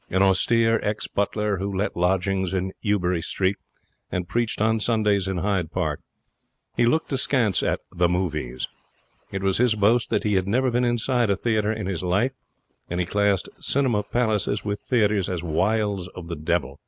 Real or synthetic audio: real